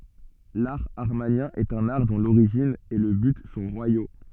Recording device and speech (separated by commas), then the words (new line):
soft in-ear microphone, read sentence
L'art amarnien est un art dont l'origine et le but sont royaux.